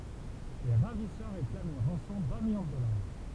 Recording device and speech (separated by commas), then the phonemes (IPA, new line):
temple vibration pickup, read sentence
le ʁavisœʁ ʁeklamt yn ʁɑ̃sɔ̃ dœ̃ miljɔ̃ də dɔlaʁ